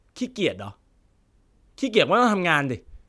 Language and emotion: Thai, frustrated